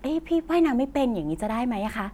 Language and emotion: Thai, happy